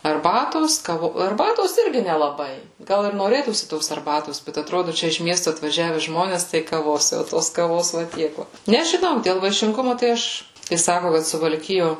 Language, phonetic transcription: Lithuanian, arˈbatos ˈkavo arˈbatos ˈirgi nelaˈbai ˈgal ir noˈrėtųsi ˈtos arˈbatos ˈbet atˈrodu ˈčia iš ˈmiestu atvaˈžiave ˈžmones ˈtai kaˈvos jau ˈtos kaˈvos va ˈtiek ˈva nežiˈnau dėl vaišinˈgumu tai ˈaš kai ˈsaku kad suvalˈkijo

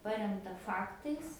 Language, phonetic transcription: Lithuanian, ˈparemta ˈfaktais

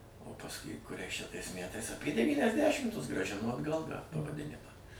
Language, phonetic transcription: Lithuanian, o pasˈkui kuˈriais čia tais ˈmætais apie devyniasˈdešimtus grąˈžino atˈgal tą pavaˈdinimą

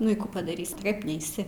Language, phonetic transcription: Lithuanian, ˈnu i ˈkų padaˈrys' tai ˈkap ˈneisi

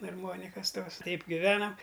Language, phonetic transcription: Lithuanian, arˈmonikas tos ˈtaip giˈvenam

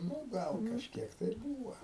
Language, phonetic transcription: Lithuanian, ˈnu ˈgal kažˈkiek tai ir ˈbūva

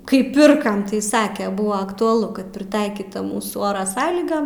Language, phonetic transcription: Lithuanian, kai ˈpirkam tai ˈsake ˈbua aktuaˈlu kad priˈtaikyta ˈmūsų ˈora ˈsąlygam

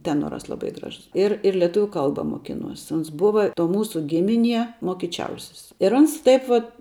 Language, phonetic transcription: Lithuanian, ˈtenoras laˈbai ˈgražus ˈir ir leˈtuviu ˈkalba moˈkinuos ˈons ˈbuva to ˈmūsu ˈgimiˌnie mokiˈčiausis ir ˈans ˈtaip vat

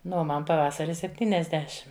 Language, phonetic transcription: Lithuanian, ˈnu o ˈman paˈvasari sepˈtyniasdešim

